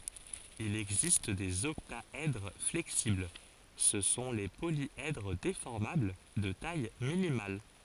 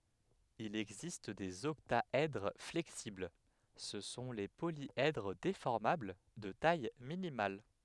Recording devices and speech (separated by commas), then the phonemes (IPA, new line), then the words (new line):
forehead accelerometer, headset microphone, read sentence
il ɛɡzist dez ɔktaɛdʁ flɛksibl sə sɔ̃ le poljɛdʁ defɔʁmabl də taj minimal
Il existe des octaèdres flexibles, ce sont les polyèdres déformables de taille minimale.